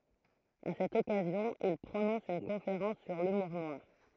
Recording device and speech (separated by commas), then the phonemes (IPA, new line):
throat microphone, read sentence
a sɛt ɔkazjɔ̃ il pʁonɔ̃s yn kɔ̃feʁɑ̃s syʁ lymuʁ nwaʁ